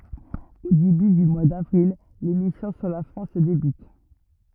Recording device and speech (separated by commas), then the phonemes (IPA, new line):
rigid in-ear microphone, read sentence
o deby dy mwa davʁil le misjɔ̃ syʁ la fʁɑ̃s debyt